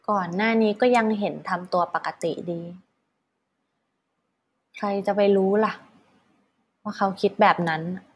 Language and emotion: Thai, frustrated